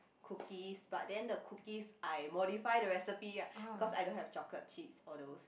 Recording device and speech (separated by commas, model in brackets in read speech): boundary microphone, conversation in the same room